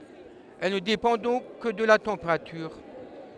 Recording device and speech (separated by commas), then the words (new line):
headset microphone, read sentence
Elle ne dépend donc que de la température.